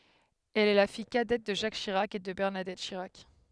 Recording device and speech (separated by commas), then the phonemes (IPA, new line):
headset microphone, read sentence
ɛl ɛ la fij kadɛt də ʒak ʃiʁak e də bɛʁnadɛt ʃiʁak